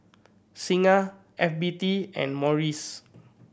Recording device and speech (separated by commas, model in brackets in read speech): boundary microphone (BM630), read sentence